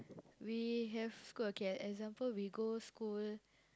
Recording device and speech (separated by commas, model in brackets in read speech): close-talking microphone, conversation in the same room